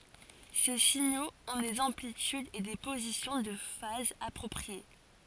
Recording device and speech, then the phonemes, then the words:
forehead accelerometer, read sentence
se siɲoz ɔ̃ dez ɑ̃plitydz e de pozisjɔ̃ də faz apʁɔpʁie
Ces signaux ont des amplitudes et des positions de phase appropriées.

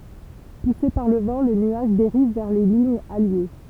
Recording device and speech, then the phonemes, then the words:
temple vibration pickup, read sentence
puse paʁ lə vɑ̃ lə nyaʒ deʁiv vɛʁ le liɲz alje
Poussé par le vent, le nuage dérive vers les lignes alliées.

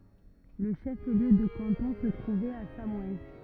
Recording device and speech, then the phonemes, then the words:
rigid in-ear microphone, read sentence
lə ʃəfliø də kɑ̃tɔ̃ sə tʁuvɛt a samɔɛn
Le chef-lieu de canton se trouvait à Samoëns.

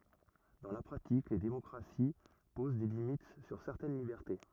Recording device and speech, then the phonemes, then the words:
rigid in-ear microphone, read sentence
dɑ̃ la pʁatik le demɔkʁasi poz de limit syʁ sɛʁtɛn libɛʁte
Dans la pratique, les démocraties posent des limites sur certaines libertés.

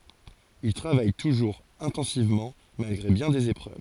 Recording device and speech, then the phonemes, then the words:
forehead accelerometer, read sentence
il tʁavaj tuʒuʁz ɛ̃tɑ̃sivmɑ̃ malɡʁe bjɛ̃ dez epʁøv
Il travaille toujours intensivement, malgré bien des épreuves.

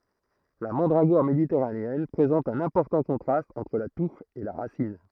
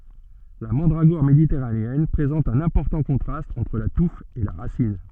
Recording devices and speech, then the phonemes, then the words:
throat microphone, soft in-ear microphone, read sentence
la mɑ̃dʁaɡɔʁ meditɛʁaneɛn pʁezɑ̃t œ̃n ɛ̃pɔʁtɑ̃ kɔ̃tʁast ɑ̃tʁ la tuf e la ʁasin
La mandragore méditerranéenne présente un important contraste entre la touffe et la racine.

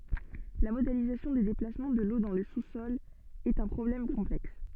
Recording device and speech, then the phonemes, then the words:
soft in-ear microphone, read sentence
la modelizasjɔ̃ de deplasmɑ̃ də lo dɑ̃ lə susɔl ɛt œ̃ pʁɔblɛm kɔ̃plɛks
La modélisation des déplacements de l'eau dans le sous-sol est un problème complexe.

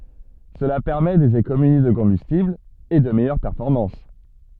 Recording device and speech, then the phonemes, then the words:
soft in-ear microphone, read sentence
səla pɛʁmɛ dez ekonomi də kɔ̃bystibl e də mɛjœʁ pɛʁfɔʁmɑ̃s
Cela permet des économies de combustible et de meilleures performances.

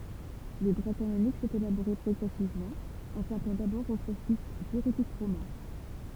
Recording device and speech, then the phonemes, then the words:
temple vibration pickup, read sentence
lə dʁwa kanonik sɛt elaboʁe pʁɔɡʁɛsivmɑ̃ ɑ̃pʁœ̃tɑ̃ dabɔʁ o kɔʁpys ʒyʁidik ʁomɛ̃
Le droit canonique s'est élaboré progressivement, empruntant d'abord au corpus juridique romain.

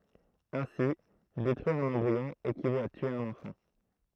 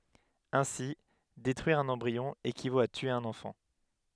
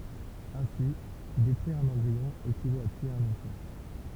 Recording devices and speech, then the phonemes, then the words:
throat microphone, headset microphone, temple vibration pickup, read sentence
ɛ̃si detʁyiʁ œ̃n ɑ̃bʁiɔ̃ ekivot a tye œ̃n ɑ̃fɑ̃
Ainsi, détruire un embryon équivaut à tuer un enfant.

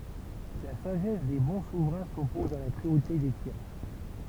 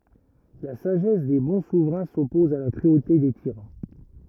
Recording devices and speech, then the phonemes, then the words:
temple vibration pickup, rigid in-ear microphone, read sentence
la saʒɛs de bɔ̃ suvʁɛ̃ sɔpɔz a la kʁyote de tiʁɑ̃
La sagesse des bons souverains s'oppose à la cruauté des tyrans.

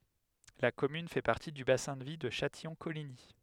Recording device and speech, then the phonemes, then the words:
headset microphone, read sentence
la kɔmyn fɛ paʁti dy basɛ̃ də vi də ʃatijɔ̃koliɲi
La commune fait partie du bassin de vie de Châtillon-Coligny.

